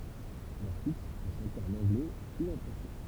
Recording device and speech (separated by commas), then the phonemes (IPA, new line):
temple vibration pickup, read sentence
lœʁ titʁ sɔ̃ ʃɑ̃tez ɑ̃n ɑ̃ɡlɛ u ɑ̃ fʁɑ̃sɛ